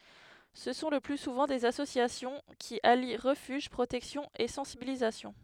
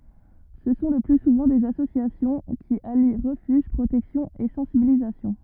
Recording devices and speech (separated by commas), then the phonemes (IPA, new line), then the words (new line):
headset microphone, rigid in-ear microphone, read sentence
sə sɔ̃ lə ply suvɑ̃ dez asosjasjɔ̃ ki ali ʁəfyʒ pʁotɛksjɔ̃ e sɑ̃sibilizasjɔ̃
Ce sont le plus souvent des associations, qui allient refuge, protection et sensibilisation.